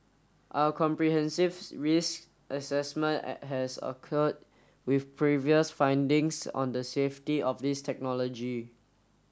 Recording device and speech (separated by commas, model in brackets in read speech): standing microphone (AKG C214), read sentence